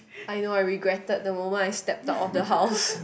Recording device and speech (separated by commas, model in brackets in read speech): boundary microphone, conversation in the same room